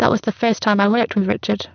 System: VC, spectral filtering